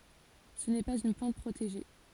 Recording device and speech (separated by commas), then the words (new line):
forehead accelerometer, read sentence
Ce n'est pas une plante protégée.